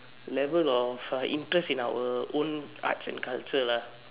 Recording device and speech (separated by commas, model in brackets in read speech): telephone, conversation in separate rooms